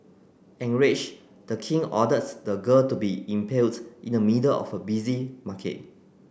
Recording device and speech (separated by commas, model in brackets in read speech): boundary microphone (BM630), read sentence